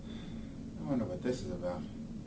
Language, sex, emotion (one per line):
English
male
fearful